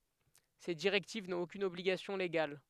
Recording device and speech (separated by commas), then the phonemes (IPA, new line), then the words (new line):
headset microphone, read sentence
se diʁɛktiv nɔ̃t okyn ɔbliɡasjɔ̃ leɡal
Ces directives n'ont aucune obligation légale.